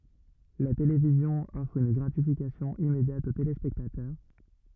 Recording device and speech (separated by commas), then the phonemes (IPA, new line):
rigid in-ear microphone, read sentence
la televizjɔ̃ ɔfʁ yn ɡʁatifikasjɔ̃ immedjat o telespɛktatœʁ